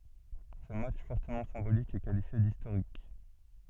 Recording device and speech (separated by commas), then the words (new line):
soft in-ear microphone, read sentence
Ce match fortement symbolique est qualifié d'historique.